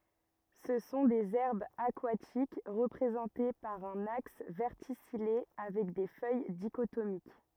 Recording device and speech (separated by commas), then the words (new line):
rigid in-ear microphone, read sentence
Ce sont des herbes aquatiques, représentées par un axe verticillé avec des feuilles dichotomiques.